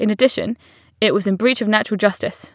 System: none